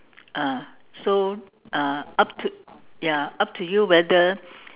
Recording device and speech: telephone, conversation in separate rooms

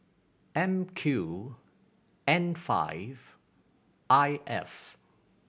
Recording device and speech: boundary microphone (BM630), read sentence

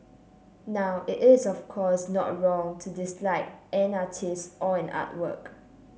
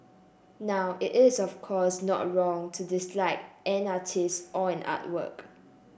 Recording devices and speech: mobile phone (Samsung C7), boundary microphone (BM630), read sentence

